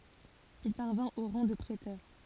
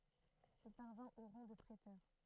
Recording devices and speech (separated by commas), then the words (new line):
forehead accelerometer, throat microphone, read sentence
Il parvint au rang de préteur.